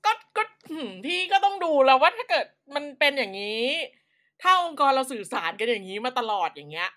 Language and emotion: Thai, frustrated